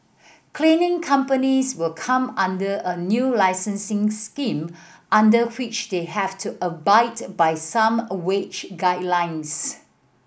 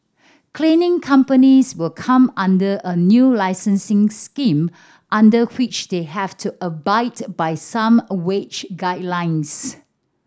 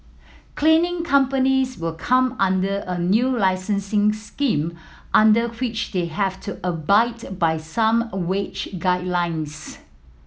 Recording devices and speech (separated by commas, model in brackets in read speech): boundary microphone (BM630), standing microphone (AKG C214), mobile phone (iPhone 7), read sentence